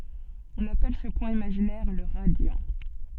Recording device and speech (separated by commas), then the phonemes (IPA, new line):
soft in-ear microphone, read sentence
ɔ̃n apɛl sə pwɛ̃ imaʒinɛʁ lə ʁadjɑ̃